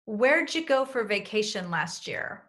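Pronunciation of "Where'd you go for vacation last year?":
'For' is reduced to sound like 'fur', and 'last year' is blended together.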